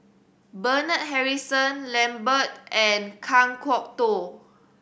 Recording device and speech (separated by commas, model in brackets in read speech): boundary microphone (BM630), read sentence